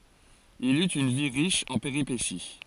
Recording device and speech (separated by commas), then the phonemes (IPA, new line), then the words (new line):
forehead accelerometer, read sentence
il yt yn vi ʁiʃ ɑ̃ peʁipesi
Il eut une vie riche en péripéties.